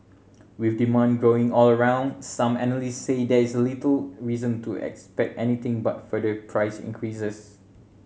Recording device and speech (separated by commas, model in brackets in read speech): mobile phone (Samsung C7100), read sentence